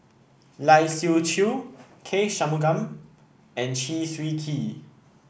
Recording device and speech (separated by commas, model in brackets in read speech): boundary microphone (BM630), read sentence